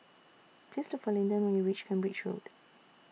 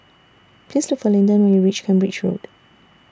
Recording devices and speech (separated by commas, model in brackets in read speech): mobile phone (iPhone 6), standing microphone (AKG C214), read sentence